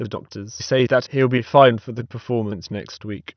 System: TTS, waveform concatenation